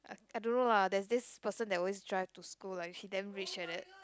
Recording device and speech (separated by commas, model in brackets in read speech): close-talking microphone, conversation in the same room